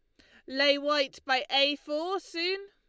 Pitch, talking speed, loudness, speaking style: 295 Hz, 165 wpm, -28 LUFS, Lombard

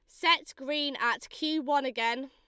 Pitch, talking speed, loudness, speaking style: 285 Hz, 175 wpm, -29 LUFS, Lombard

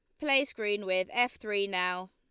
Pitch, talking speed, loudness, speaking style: 205 Hz, 190 wpm, -30 LUFS, Lombard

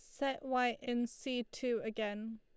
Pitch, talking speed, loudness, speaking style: 240 Hz, 165 wpm, -38 LUFS, Lombard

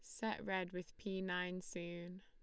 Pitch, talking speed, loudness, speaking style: 185 Hz, 180 wpm, -44 LUFS, Lombard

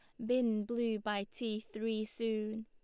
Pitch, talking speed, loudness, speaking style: 220 Hz, 155 wpm, -36 LUFS, Lombard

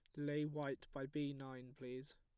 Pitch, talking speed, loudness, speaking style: 135 Hz, 185 wpm, -46 LUFS, plain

